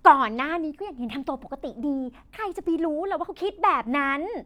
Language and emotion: Thai, happy